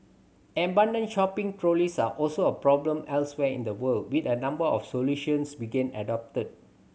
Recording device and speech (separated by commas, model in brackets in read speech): mobile phone (Samsung C7100), read sentence